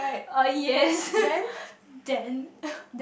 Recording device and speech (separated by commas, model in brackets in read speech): boundary microphone, conversation in the same room